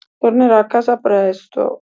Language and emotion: Italian, sad